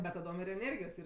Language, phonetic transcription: Lithuanian, bet taˈdom ir eˈnėrgijos ˈyr

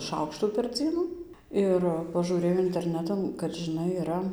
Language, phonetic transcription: Lithuanian, ˈšaukštų per ˈdzienu ˈir pažūˈrėjau interˈnetan kad žiˈnai iˈra

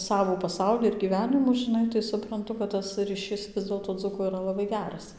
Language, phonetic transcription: Lithuanian, ˈsavų paˈsauli ir gyˈvenimų žiˈnai tai supranˈtu kad tas ryˈšis ˈvis dėlto ˈdzuko yˈra laˈbai ˈgeras

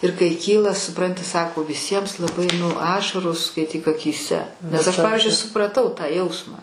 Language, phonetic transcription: Lithuanian, ir kai ˈkyla suˈpranti ˈsako viˈsiems laˈbai nu ˈašaros skaiˈtyk akyˈse nes aš ˈpavizdžiui supraˈtau tą ˈjausmą

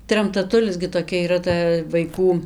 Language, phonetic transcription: Lithuanian, tramtaˈtulis gi toˈkia yˈra ˈta vaiˈkų

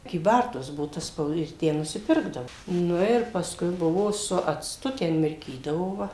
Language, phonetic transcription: Lithuanian, kyˈbartuos ˈbuvo ta ˈspaud ir ˈtę nusiˈpirkdavo ˈnu ir pasˈkui ˈbuvo su acˈtu ˈten mirˈkydavo ˈva

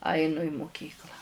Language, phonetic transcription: Lithuanian, ˈainu i muˈkyklą

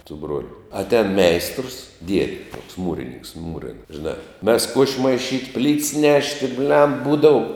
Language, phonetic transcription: Lithuanian, su ˈbruoliu atˈēn ˈmeistrəs ˈdiedi tuoks ˈmūrininks ˈmūrin žiˈnā mes kuoš' maiˈšyt' plyts ˈnešti blem ˈbūdau

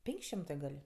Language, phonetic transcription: Lithuanian, ˈpenk' ˈšimtɜ gal'

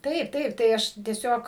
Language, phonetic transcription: Lithuanian, ˈtaip ˈtaip tai ˈaš tieˈsiog

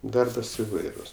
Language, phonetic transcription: Lithuanian, ˈdarbas iˈvairus

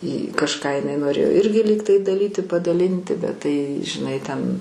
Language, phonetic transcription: Lithuanian, i kažˈką iˈnai noˈrėjo ˈirgi ˈlygtai daˈlyti padaˈlinti bet ˈtai žiˈnai ten

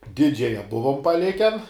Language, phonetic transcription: Lithuanian, ˈdidžiaja ˈbuvom paˈliken

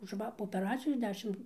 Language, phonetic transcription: Lithuanian, už ˈva po opeˈracijos ˈdešim

